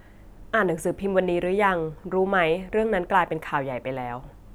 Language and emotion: Thai, neutral